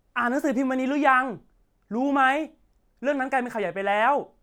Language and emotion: Thai, angry